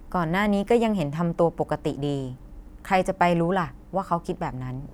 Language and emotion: Thai, neutral